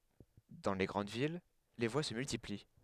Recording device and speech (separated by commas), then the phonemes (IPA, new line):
headset microphone, read sentence
dɑ̃ le ɡʁɑ̃d vil le vwa sə myltipli